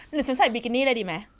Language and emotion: Thai, neutral